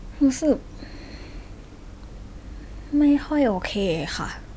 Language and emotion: Thai, sad